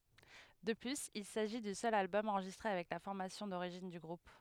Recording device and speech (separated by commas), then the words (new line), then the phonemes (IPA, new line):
headset microphone, read sentence
De plus, il s'agit du seul album enregistré avec la formation d'origine du groupe.
də plyz il saʒi dy sœl albɔm ɑ̃ʁʒistʁe avɛk la fɔʁmasjɔ̃ doʁiʒin dy ɡʁup